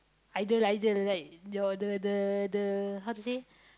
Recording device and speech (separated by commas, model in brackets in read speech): close-talking microphone, conversation in the same room